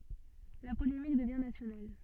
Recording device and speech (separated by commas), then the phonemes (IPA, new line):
soft in-ear microphone, read sentence
la polemik dəvjɛ̃ nasjonal